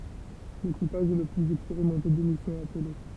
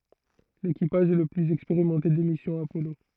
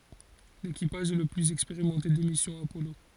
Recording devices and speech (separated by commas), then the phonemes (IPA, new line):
temple vibration pickup, throat microphone, forehead accelerometer, read sentence
lekipaʒ ɛ lə plyz ɛkspeʁimɑ̃te de misjɔ̃z apɔlo